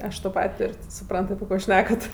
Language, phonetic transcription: Lithuanian, ˈaš to ˈpat' ˈtur' ti suˈprant api ˈko ˈšnekat

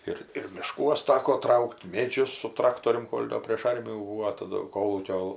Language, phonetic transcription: Lithuanian, ˈir ir miˈškuos ˈtako ˈtrauk't' ˈmėdžius su ˈtraktorium ˈkol' ˈdo prėš ˈarmijų ˈbūvo taˈdu ˈkolūkio

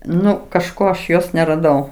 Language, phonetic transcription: Lithuanian, ˈnu kažˈko aš ˈjos neraˈdau

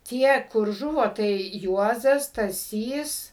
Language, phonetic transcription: Lithuanian, ˈtie kur ˈžuvo tai ˈjuozas staˈsys

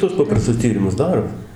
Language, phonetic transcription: Lithuanian, tuos ˈpaprastus ˈtyrimus ˈdaro

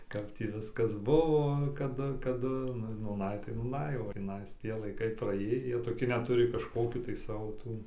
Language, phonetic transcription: Lithuanian, ˈkap tį ˈviskas ˈbuvo kaˈdu kaˈdu nu nūˈnai tai nūˈnai o tįˈnais ˈtie laiˈkai praˈėjį ˈjie toˈki ˈnet ˈturi kažˈkokių tai ˈsavo ˈtų

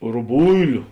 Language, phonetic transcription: Lithuanian, ruˈbuiliu

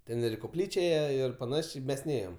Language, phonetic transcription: Lithuanian, ˈten ir i koˈplyčia ˈėje ir paˈnašė ˈmes ˈnėjom

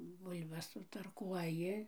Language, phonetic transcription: Lithuanian, ˈbul'bas sutarˈkuoji

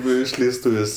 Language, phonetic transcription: Lithuanian, ˈnu išleisˈtūvės'

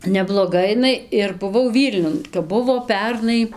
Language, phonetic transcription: Lithuanian, nebloˈga iˈnai ir buˈvau ˈvylniun kap ˈbuvo ˈpernai

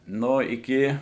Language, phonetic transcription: Lithuanian, ˈno iˈki

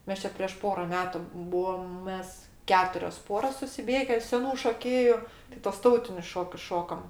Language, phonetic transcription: Lithuanian, ˈmes čia prieš ˈpora ˈmetu ˈbuom ˈmes ˈketurios ˈporos susiˈbėge seˈnų šoˈkėju t' tuos ˈtautinius ˈšokius ˈšokam

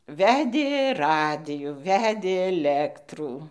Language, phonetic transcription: Lithuanian, ˈvedė ˈradijų ˈvedė eˈlektrų

